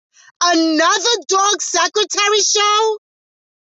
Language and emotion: English, disgusted